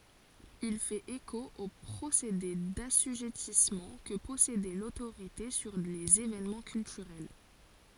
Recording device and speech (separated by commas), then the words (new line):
forehead accelerometer, read sentence
Il fait écho au procédé d'assujettissement que possédait l'autorité sur les événements culturels.